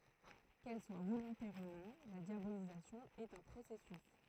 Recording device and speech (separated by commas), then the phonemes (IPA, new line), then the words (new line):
throat microphone, read sentence
kɛl swa volɔ̃tɛʁ u nɔ̃ la djabolizasjɔ̃ ɛt œ̃ pʁosɛsys
Qu’elle soit volontaire ou non, la diabolisation est un processus.